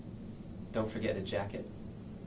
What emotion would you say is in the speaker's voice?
neutral